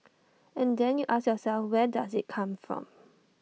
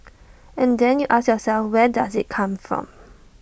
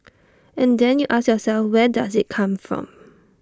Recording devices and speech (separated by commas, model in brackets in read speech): mobile phone (iPhone 6), boundary microphone (BM630), standing microphone (AKG C214), read sentence